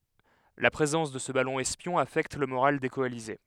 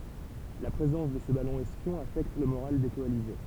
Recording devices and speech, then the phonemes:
headset microphone, temple vibration pickup, read sentence
la pʁezɑ̃s də sə balɔ̃ ɛspjɔ̃ afɛkt lə moʁal de kɔalize

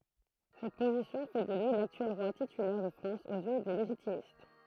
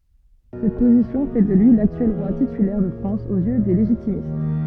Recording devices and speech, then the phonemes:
throat microphone, soft in-ear microphone, read sentence
sɛt pozisjɔ̃ fɛ də lyi laktyɛl ʁwa titylɛʁ də fʁɑ̃s oz jø de leʒitimist

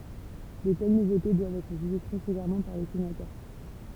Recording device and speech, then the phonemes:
temple vibration pickup, read sentence
də tɛl nuvote dwavt ɛtʁ ʒyʒe tʁɛ sevɛʁmɑ̃ paʁ le senatœʁ

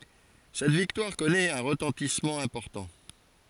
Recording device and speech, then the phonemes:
forehead accelerometer, read sentence
sɛt viktwaʁ kɔnɛt œ̃ ʁətɑ̃tismɑ̃ ɛ̃pɔʁtɑ̃

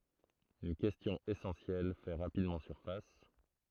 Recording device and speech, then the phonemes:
throat microphone, read sentence
yn kɛstjɔ̃ esɑ̃sjɛl fɛ ʁapidmɑ̃ syʁfas

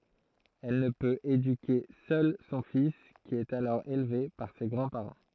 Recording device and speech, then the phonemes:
throat microphone, read sentence
ɛl nə pøt edyke sœl sɔ̃ fis ki ɛt alɔʁ elve paʁ se ɡʁɑ̃dspaʁɑ̃

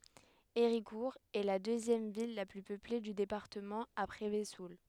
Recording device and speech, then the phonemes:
headset microphone, read sentence
eʁikuʁ ɛ la døzjɛm vil la ply pøple dy depaʁtəmɑ̃ apʁɛ vəzul

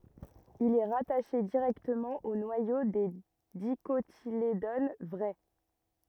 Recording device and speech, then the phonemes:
rigid in-ear microphone, read sentence
il ɛ ʁataʃe diʁɛktəmɑ̃ o nwajo de dikotiledon vʁɛ

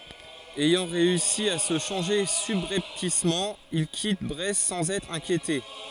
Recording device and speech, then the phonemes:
forehead accelerometer, read sentence
ɛjɑ̃ ʁeysi a sə ʃɑ̃ʒe sybʁɛptismɑ̃ il kit bʁɛst sɑ̃z ɛtʁ ɛ̃kjete

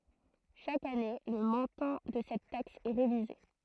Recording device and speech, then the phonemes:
throat microphone, read sentence
ʃak ane lə mɔ̃tɑ̃ də sɛt taks ɛ ʁevize

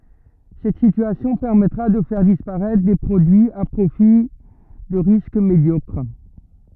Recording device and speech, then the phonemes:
rigid in-ear microphone, read sentence
sɛt sityasjɔ̃ pɛʁmɛtʁa də fɛʁ dispaʁɛtʁ de pʁodyiz a pʁofil də ʁisk medjɔkʁ

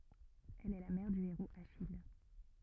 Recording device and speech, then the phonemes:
rigid in-ear microphone, read sentence
ɛl ɛ la mɛʁ dy eʁoz aʃij

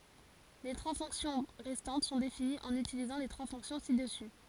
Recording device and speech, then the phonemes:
forehead accelerometer, read sentence
le tʁwa fɔ̃ksjɔ̃ ʁɛstɑ̃t sɔ̃ definiz ɑ̃n ytilizɑ̃ le tʁwa fɔ̃ksjɔ̃ si dəsy

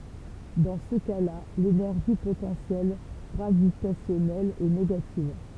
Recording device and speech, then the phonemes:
temple vibration pickup, read sentence
dɑ̃ sə kasla lenɛʁʒi potɑ̃sjɛl ɡʁavitasjɔnɛl ɛ neɡativ

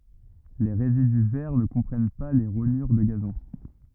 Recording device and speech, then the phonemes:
rigid in-ear microphone, read sentence
le ʁezidy vɛʁ nə kɔ̃pʁɛn pa le ʁoɲyʁ də ɡazɔ̃

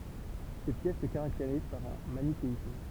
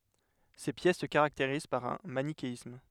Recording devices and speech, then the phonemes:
temple vibration pickup, headset microphone, read sentence
se pjɛs sə kaʁakteʁiz paʁ œ̃ manikeism

